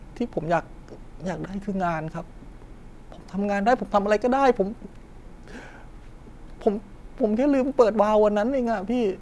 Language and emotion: Thai, sad